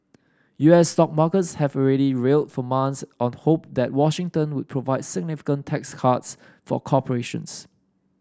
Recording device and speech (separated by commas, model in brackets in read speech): standing microphone (AKG C214), read sentence